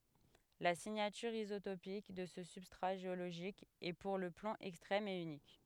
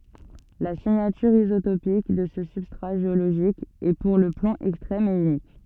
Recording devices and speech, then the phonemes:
headset microphone, soft in-ear microphone, read sentence
la siɲatyʁ izotopik də sə sybstʁa ʒeoloʒik ɛ puʁ lə plɔ̃ ɛkstʁɛm e ynik

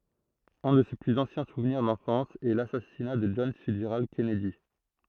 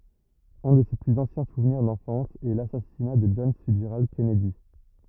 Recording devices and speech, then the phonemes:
throat microphone, rigid in-ear microphone, read sentence
œ̃ də se plyz ɑ̃sjɛ̃ suvniʁ dɑ̃fɑ̃s ɛ lasasina də dʒɔn fitsʒʁald kɛnɛdi

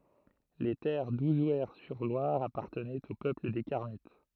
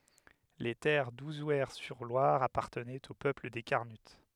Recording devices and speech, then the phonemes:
throat microphone, headset microphone, read sentence
le tɛʁ duzwɛʁsyʁlwaʁ apaʁtənɛt o pøpl de kaʁnyt

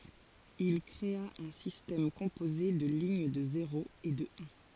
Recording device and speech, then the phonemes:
forehead accelerometer, read sentence
il kʁea œ̃ sistɛm kɔ̃poze də liɲ də zeʁoz e də œ̃

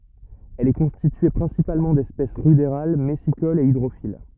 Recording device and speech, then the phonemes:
rigid in-ear microphone, read sentence
ɛl ɛ kɔ̃stitye pʁɛ̃sipalmɑ̃ dɛspɛs ʁydeʁal mɛsikolz e idʁofil

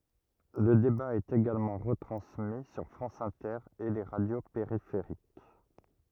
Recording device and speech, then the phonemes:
rigid in-ear microphone, read sentence
lə deba ɛt eɡalmɑ̃ ʁətʁɑ̃smi syʁ fʁɑ̃s ɛ̃tɛʁ e le ʁadjo peʁifeʁik

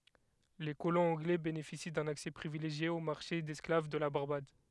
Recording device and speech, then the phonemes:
headset microphone, read sentence
le kolɔ̃z ɑ̃ɡlɛ benefisi dœ̃n aksɛ pʁivileʒje o maʁʃe dɛsklav də la baʁbad

